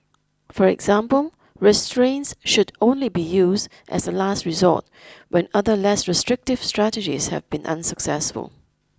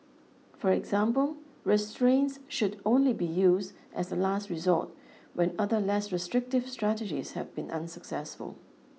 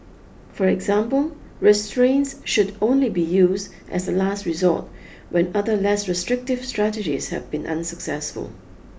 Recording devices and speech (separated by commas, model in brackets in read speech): close-talking microphone (WH20), mobile phone (iPhone 6), boundary microphone (BM630), read sentence